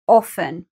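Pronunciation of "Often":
'Often' is said without a t sound, and it begins with the word 'off'.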